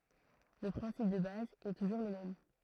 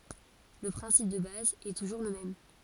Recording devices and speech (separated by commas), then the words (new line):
throat microphone, forehead accelerometer, read sentence
Le principe de base est toujours le même.